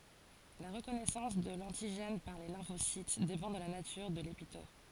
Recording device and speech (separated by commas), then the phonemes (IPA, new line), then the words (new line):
forehead accelerometer, read sentence
la ʁəkɔnɛsɑ̃s də lɑ̃tiʒɛn paʁ le lɛ̃fosit depɑ̃ də la natyʁ də lepitɔp
La reconnaissance de l'antigène par les lymphocytes dépend de la nature de l'épitope.